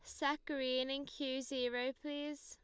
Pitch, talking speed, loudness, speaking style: 275 Hz, 160 wpm, -40 LUFS, Lombard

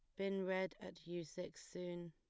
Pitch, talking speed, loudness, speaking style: 180 Hz, 190 wpm, -45 LUFS, plain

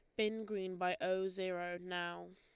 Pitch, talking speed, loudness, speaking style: 185 Hz, 170 wpm, -40 LUFS, Lombard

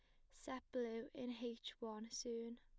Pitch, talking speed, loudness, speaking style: 240 Hz, 160 wpm, -49 LUFS, plain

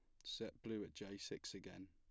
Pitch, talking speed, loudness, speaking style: 100 Hz, 220 wpm, -50 LUFS, plain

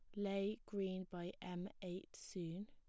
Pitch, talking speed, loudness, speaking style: 185 Hz, 145 wpm, -46 LUFS, plain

